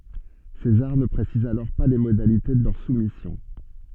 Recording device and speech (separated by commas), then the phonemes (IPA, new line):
soft in-ear microphone, read sentence
sezaʁ nə pʁesiz alɔʁ pa le modalite də lœʁ sumisjɔ̃